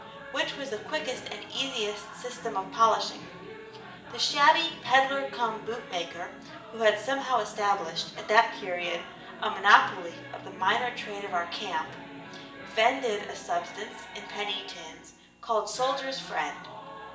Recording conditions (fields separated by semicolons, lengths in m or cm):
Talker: one person; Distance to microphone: 1.8 m; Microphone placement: close; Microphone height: 1.0 m; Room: large; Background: television